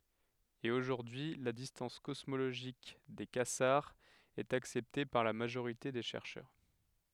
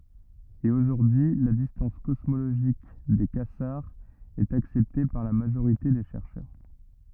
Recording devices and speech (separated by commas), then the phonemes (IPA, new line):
headset microphone, rigid in-ear microphone, read sentence
e oʒuʁdyi y la distɑ̃s kɔsmoloʒik de kazaʁz ɛt aksɛpte paʁ la maʒoʁite de ʃɛʁʃœʁ